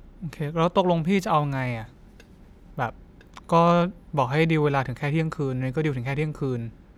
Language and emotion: Thai, frustrated